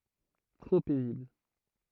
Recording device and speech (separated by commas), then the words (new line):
throat microphone, read sentence
Trop paisibles.